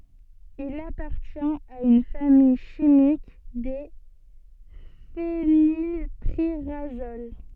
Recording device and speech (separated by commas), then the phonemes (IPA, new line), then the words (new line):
soft in-ear microphone, read sentence
il apaʁtjɛ̃t a yn famij ʃimik de fenilpiʁazol
Il appartient à une famille chimique des phénylpyrazoles.